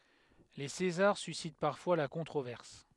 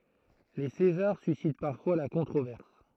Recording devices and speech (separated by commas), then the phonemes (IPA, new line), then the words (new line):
headset microphone, throat microphone, read sentence
le sezaʁ sysit paʁfwa la kɔ̃tʁovɛʁs
Les César suscitent parfois la controverse.